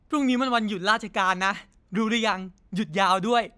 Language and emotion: Thai, happy